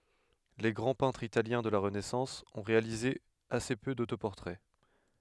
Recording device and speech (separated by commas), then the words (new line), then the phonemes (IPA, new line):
headset microphone, read sentence
Les grands peintres italiens de la Renaissance ont réalisé assez peu d’autoportraits.
le ɡʁɑ̃ pɛ̃tʁz italjɛ̃ də la ʁənɛsɑ̃s ɔ̃ ʁealize ase pø dotopɔʁtʁɛ